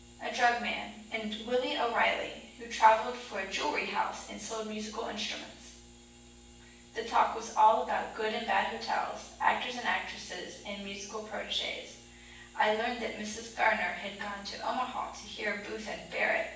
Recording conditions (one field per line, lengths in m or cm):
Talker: one person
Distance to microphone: 9.8 m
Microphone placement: far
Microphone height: 1.8 m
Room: large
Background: none